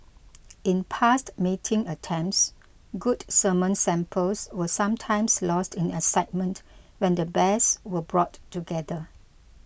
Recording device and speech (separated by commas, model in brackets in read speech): boundary microphone (BM630), read sentence